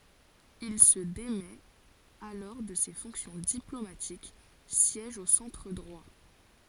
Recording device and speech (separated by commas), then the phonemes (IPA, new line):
forehead accelerometer, read sentence
il sə demɛt alɔʁ də se fɔ̃ksjɔ̃ diplomatik sjɛʒ o sɑ̃tʁ dʁwa